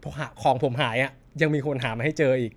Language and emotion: Thai, happy